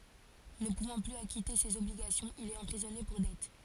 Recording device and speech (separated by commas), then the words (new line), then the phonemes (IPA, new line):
forehead accelerometer, read sentence
Ne pouvant plus acquitter ses obligations, il est emprisonné pour dettes.
nə puvɑ̃ plyz akite sez ɔbliɡasjɔ̃z il ɛt ɑ̃pʁizɔne puʁ dɛt